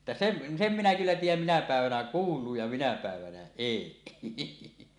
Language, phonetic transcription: Finnish, että "sem̳ , "sem minä kyllä 'tiij̆jäm minä pä̀evänä "kuul̀uu ja minä pä̀evänä "èi .
- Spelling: että sen sen minä kyllä tiedän minä päivänä kuuluu ja minä päivänä ei

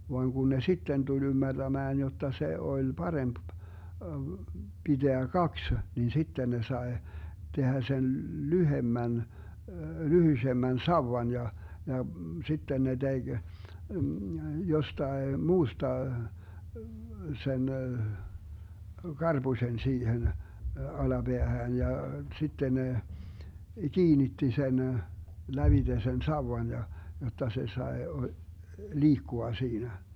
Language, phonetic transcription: Finnish, voaŋ 'kun ne "sitten 'tul 'ymmärDämään 'jotta 'se 'oĺ "paremp , 'BiDeä "kaks , nin 'sitten 'ne 'sae , 'tehä 'sen "lyhemmän , 'lyhysemmän "sauwan ja , ja , 'sitten 'ne 'DeG , 'jostae 'muusta , 'sen , "GarBuśen 'siihen , 'ala'Beähään ja , 'sitten ne , "kiinitti 'sen , 'lävite sen "sauwan ja , 'jotta 'se 'sae , "liikkua 'siinä .
- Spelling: vaan kun ne sitten tuli ymmärtämään jotta se oli parempi pitää kaksi niin sitten ne sai tehdä sen lyhyemmän lyhyisemmän sauvan ja ja sitten ne teki jostakin muusta sen karpusen siihen alapäähän ja sitten ne kiinnitti sen lävitse sen sauvan ja jotta se sai liikkua siinä

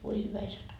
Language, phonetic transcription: Finnish, "voi hyvä isä tok .
- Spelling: voi hyvä isä toki

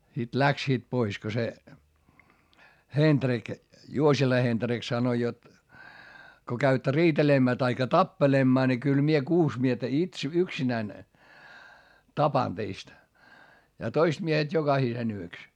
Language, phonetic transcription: Finnish, sit läksiit pois ko se , HenDrik , Juosila HenDrik sanoⁱ jot , » ko käyttä riitelemmää taikka tappelemmaa ni kyl mie kuus miestä its- , yksinäⁱn , tapan teist , ja toist miehet jokahisen ‿yks » .
- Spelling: sitten lähtivät pois kun se Hendrik Juosila Hendrik sanoi jotta kun käytte riitelemään tai tappelemaan niin kyllä minä kuusi miestä - yksinäni tapan teistä ja toiset miehet jokaisen yksi

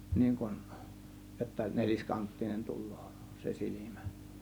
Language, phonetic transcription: Finnish, 'niiŋ kun , jotta 'neĺiskanttinen 'tul̆lOO , se 'sil͕imÄ .
- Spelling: niin kuin jotta neliskanttinen tulee se silmä

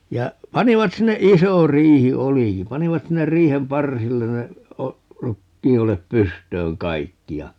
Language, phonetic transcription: Finnish, 'ja , 'panivat 'sinne - "iso 'riihi "oliki - 'panivat 'sinner "riihem "parsillen ne , 'o- , "rukkii₍olep 'pystööŋ "kaikki ja , .
- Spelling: ja panivat sinne iso riihi olikin panivat sinne riihen parsille ne - rukiinoljet pystyyn kaikki ja

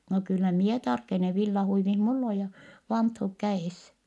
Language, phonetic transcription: Finnish, » no kyllä mie tarkene , villahuivih mull ‿o ja , vanthuk kä₍ès . »
- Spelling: no kyllä minä tarkenen villahuivi minulla on ja vanttuut kädessä

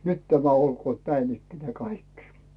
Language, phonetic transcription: Finnish, 'nyt tämä olkoot "näin ‿ikkenää 'kaikkɪ .
- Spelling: nyt tämä olkoot näin ikään kaikki

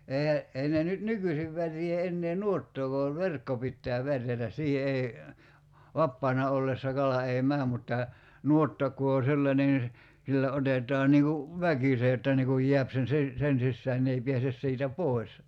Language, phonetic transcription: Finnish, 'eihä , 'ei ne nyt "nykysiv 'värjee 'ennee "nuottook(a va) "verkko pittää 'värjätäs 'siihe ei , "vappaana ollessa 'kala ei "mää mutta , 'nuotta ku o 'sellańen (ni se) , sillä 'otet̀aa 'niiŋ ku , "väkise että nii kuj 'jḙäp sen̬ si- , 'sen sissään ne ei 'piäses siitä "pòi̬s .
- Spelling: eihän ei ne nyt nykyisin värjää enää nuottaakaan vaan verkko pitää värjätä siihen ei vapaana ollessa kala ei mene mutta nuotta kun on sellainen niin se sillä otetaan niin kuin väkisin että niin kuin jää sen - sen sisään ne ei pääse siitä pois

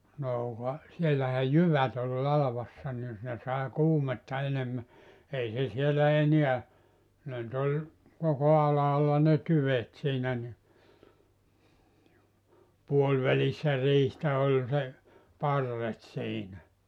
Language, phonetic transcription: Finnish, 'noo ka , sielähä "jyvät ‿ol 'lalavassa ni , ne sàe 'kuumetta 'enemmä , 'ei se sielä 'eniä , ne nʸt ‿oĺ , koko 'alaalla ne "tyvet siinä ni , 'puolvälissä 'riihtä oĺ se , "parret siinä .
- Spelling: no ka siellähän jyvät oli latvassa niin ne sai kuumetta enemmän ei se siellä enää ne nyt oli koko alhaalla ne tyvet siinä niin puolivälissä riihtä oli se parret siinä

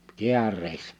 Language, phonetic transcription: Finnish, 'kiärreissᴀ̈ .
- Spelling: kääreissä

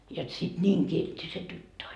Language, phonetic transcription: Finnish, jot sit "ńiiŋ 'kiltti se 'tyttö on .
- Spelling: jotta sitten niin kiltti se tyttö on

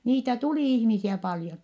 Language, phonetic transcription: Finnish, niitä tulì ihmisiä paljon .
- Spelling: niitä tuli ihmisiä paljon

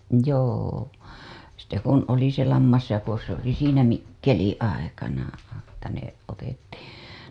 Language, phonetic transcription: Finnish, joo , sitte kun oli se 'lammasjako se ‿oli siinä "mikkeliḭ ''aikana , että ne otettii .
- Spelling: joo sitten kun oli se lammasjako se oli siinä mikkelin aikana että ne otettiin

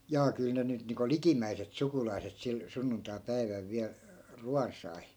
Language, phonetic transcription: Finnish, 'jaa 'kyl ne nyt niiŋko "likimmäiset 'sukulai̮set 'sil , 'sunnuntai̮'päiväl viäl , "ruan 'sai .
- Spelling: jaa kyllä ne nyt niin kuin likimmäiset sukulaiset sillä sunnuntaipäivällä vielä ruoan sai

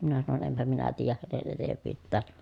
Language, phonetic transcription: Finnish, minä sanon » empä minä tiijäh hänen etev̆vyyttään » .
- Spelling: minä sanoin enpä minä tiedä hänen etevyyttään

